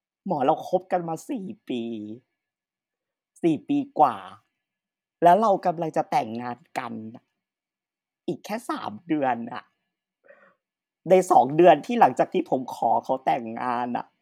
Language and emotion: Thai, sad